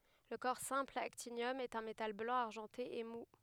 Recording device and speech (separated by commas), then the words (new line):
headset microphone, read sentence
Le corps simple actinium est un métal blanc argenté et mou.